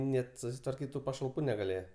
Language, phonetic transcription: Lithuanian, ˈnet susitvarˈkyt tu pašalˈpų negaˈlėje

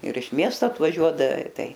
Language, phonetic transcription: Lithuanian, ir iš ˈmiesto atvaˈžiuodave ˈtai

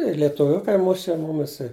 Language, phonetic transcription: Lithuanian, i lietuˈviukai ˈmuše ˈmumis i

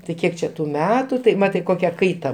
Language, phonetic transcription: Lithuanian, tai ˈkiek čia tu ˈmetu tai ˈmatai ˈkokia ˈkaita

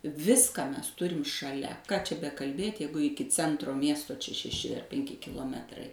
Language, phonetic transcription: Lithuanian, ˈviską ˈmes ˈturim šaˈlia ką čia bekalˈbėt' ˈjeigu ˈiki ˈcentro ˈmiesto čia šeˈši penˈki kiloˈmetrai

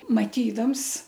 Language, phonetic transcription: Lithuanian, maˈtydams

